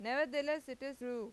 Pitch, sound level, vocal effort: 270 Hz, 94 dB SPL, loud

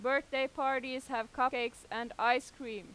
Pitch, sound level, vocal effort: 255 Hz, 94 dB SPL, very loud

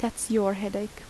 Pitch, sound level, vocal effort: 205 Hz, 77 dB SPL, soft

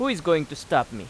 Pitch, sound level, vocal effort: 150 Hz, 92 dB SPL, loud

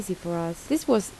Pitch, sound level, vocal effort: 185 Hz, 77 dB SPL, soft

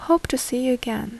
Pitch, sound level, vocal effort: 250 Hz, 74 dB SPL, soft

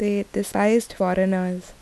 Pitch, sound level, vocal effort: 195 Hz, 77 dB SPL, soft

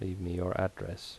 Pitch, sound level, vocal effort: 95 Hz, 74 dB SPL, soft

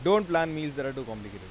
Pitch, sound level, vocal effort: 145 Hz, 95 dB SPL, loud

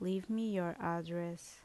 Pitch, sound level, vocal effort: 175 Hz, 77 dB SPL, normal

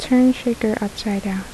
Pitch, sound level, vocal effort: 220 Hz, 73 dB SPL, soft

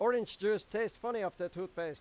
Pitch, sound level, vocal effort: 195 Hz, 99 dB SPL, very loud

